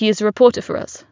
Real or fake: real